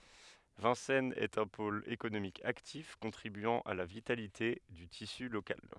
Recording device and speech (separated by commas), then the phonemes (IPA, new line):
headset microphone, read sentence
vɛ̃sɛnz ɛt œ̃ pol ekonomik aktif kɔ̃tʁibyɑ̃ a la vitalite dy tisy lokal